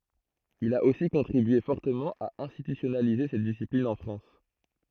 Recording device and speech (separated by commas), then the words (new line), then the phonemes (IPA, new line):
throat microphone, read sentence
Il a aussi contribué fortement à institutionnaliser cette discipline en France.
il a osi kɔ̃tʁibye fɔʁtəmɑ̃ a ɛ̃stitysjɔnalize sɛt disiplin ɑ̃ fʁɑ̃s